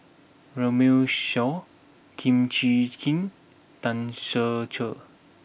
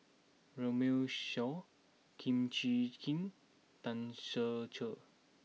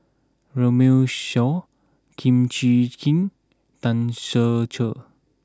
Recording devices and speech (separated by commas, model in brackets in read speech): boundary microphone (BM630), mobile phone (iPhone 6), close-talking microphone (WH20), read sentence